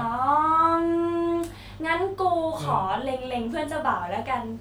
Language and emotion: Thai, happy